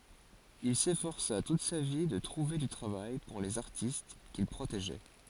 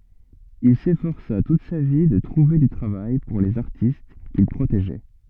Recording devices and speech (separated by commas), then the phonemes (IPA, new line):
forehead accelerometer, soft in-ear microphone, read sentence
il sefɔʁsa tut sa vi də tʁuve dy tʁavaj puʁ lez aʁtist kil pʁoteʒɛ